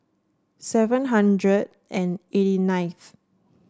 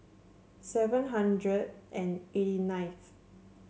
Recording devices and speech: standing microphone (AKG C214), mobile phone (Samsung C7), read sentence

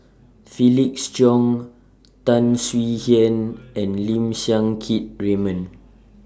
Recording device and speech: standing microphone (AKG C214), read sentence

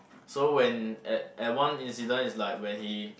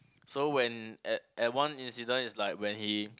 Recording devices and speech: boundary microphone, close-talking microphone, conversation in the same room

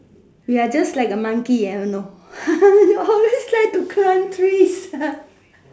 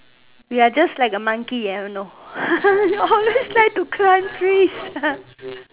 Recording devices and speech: standing microphone, telephone, conversation in separate rooms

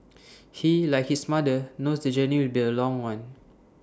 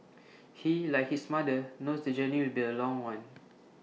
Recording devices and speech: standing microphone (AKG C214), mobile phone (iPhone 6), read sentence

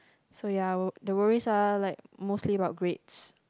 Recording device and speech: close-talking microphone, conversation in the same room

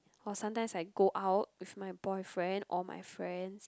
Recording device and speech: close-talking microphone, conversation in the same room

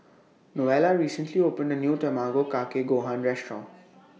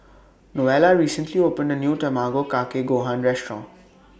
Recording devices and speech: mobile phone (iPhone 6), boundary microphone (BM630), read sentence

